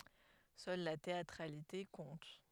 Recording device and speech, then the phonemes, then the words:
headset microphone, read sentence
sœl la teatʁalite kɔ̃t
Seule la théâtralité compte.

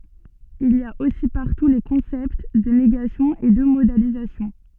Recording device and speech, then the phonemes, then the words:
soft in-ear microphone, read sentence
il i a osi paʁtu le kɔ̃sɛpt də neɡasjɔ̃ e də modalizasjɔ̃
Il y a aussi partout les concepts de négation et de modalisation.

